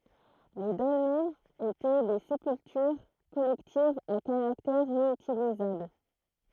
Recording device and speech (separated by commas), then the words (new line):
throat microphone, read sentence
Les dolmens étaient des sépultures collectives à caractère réutilisable.